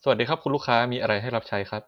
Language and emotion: Thai, neutral